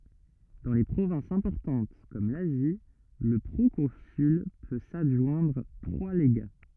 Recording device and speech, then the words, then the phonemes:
rigid in-ear microphone, read sentence
Dans les provinces importantes comme l'Asie, le proconsul peut s'adjoindre trois légats.
dɑ̃ le pʁovɛ̃sz ɛ̃pɔʁtɑ̃t kɔm lazi lə pʁokɔ̃syl pø sadʒwɛ̃dʁ tʁwa leɡa

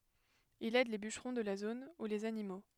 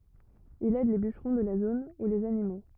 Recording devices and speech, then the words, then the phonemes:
headset microphone, rigid in-ear microphone, read sentence
Il aide les bûcherons de la zone ou les animaux.
il ɛd le byʃʁɔ̃ də la zon u lez animo

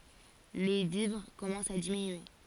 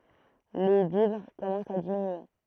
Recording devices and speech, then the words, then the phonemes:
forehead accelerometer, throat microphone, read sentence
Les vivres commencent à diminuer.
le vivʁ kɔmɑ̃st a diminye

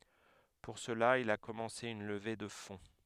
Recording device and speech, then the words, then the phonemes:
headset microphone, read sentence
Pour cela, il a commencé une levée de fonds.
puʁ səla il a kɔmɑ̃se yn ləve də fɔ̃

